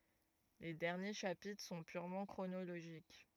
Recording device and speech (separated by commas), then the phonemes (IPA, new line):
rigid in-ear microphone, read sentence
le dɛʁnje ʃapitʁ sɔ̃ pyʁmɑ̃ kʁonoloʒik